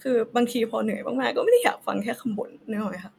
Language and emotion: Thai, sad